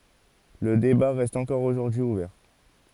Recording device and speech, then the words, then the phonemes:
forehead accelerometer, read sentence
Le débat reste encore aujourd'hui ouvert.
lə deba ʁɛst ɑ̃kɔʁ oʒuʁdyi uvɛʁ

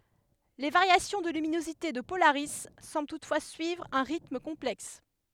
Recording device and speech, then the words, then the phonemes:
headset microphone, read sentence
Les variations de luminosité de Polaris semblent toutefois suivre un rythme complexe.
le vaʁjasjɔ̃ də lyminozite də polaʁi sɑ̃bl tutfwa syivʁ œ̃ ʁitm kɔ̃plɛks

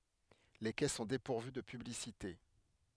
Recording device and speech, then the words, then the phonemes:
headset microphone, read sentence
Les quais sont dépourvus de publicités.
le kɛ sɔ̃ depuʁvy də pyblisite

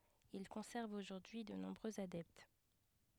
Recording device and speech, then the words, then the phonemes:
headset microphone, read sentence
Il conserve aujourd'hui de nombreux adeptes.
il kɔ̃sɛʁv oʒuʁdyi də nɔ̃bʁøz adɛpt

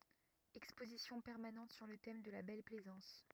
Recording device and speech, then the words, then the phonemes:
rigid in-ear microphone, read sentence
Exposition permanente sur le thème de la Belle Plaisance.
ɛkspozisjɔ̃ pɛʁmanɑ̃t syʁ lə tɛm də la bɛl plɛzɑ̃s

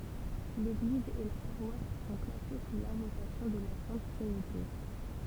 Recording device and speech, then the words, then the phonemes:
temple vibration pickup, read sentence
L'église et la paroisse sont placées sous l'invocation de la Sainte Trinité.
leɡliz e la paʁwas sɔ̃ plase su lɛ̃vokasjɔ̃ də la sɛ̃t tʁinite

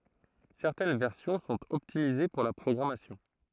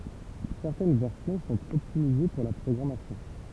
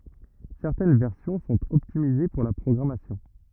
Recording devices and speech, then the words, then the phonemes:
throat microphone, temple vibration pickup, rigid in-ear microphone, read sentence
Certaines versions sont optimisées pour la programmation.
sɛʁtɛn vɛʁsjɔ̃ sɔ̃t ɔptimize puʁ la pʁɔɡʁamasjɔ̃

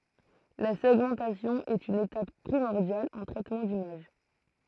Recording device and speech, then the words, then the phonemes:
throat microphone, read sentence
La segmentation est une étape primordiale en traitement d'image.
la sɛɡmɑ̃tasjɔ̃ ɛt yn etap pʁimɔʁdjal ɑ̃ tʁɛtmɑ̃ dimaʒ

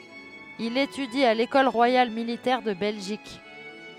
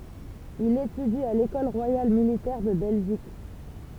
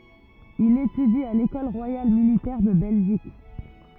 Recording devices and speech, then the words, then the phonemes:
headset microphone, temple vibration pickup, rigid in-ear microphone, read sentence
Il étudie à l'École royale militaire de Belgique.
il etydi a lekɔl ʁwajal militɛʁ də bɛlʒik

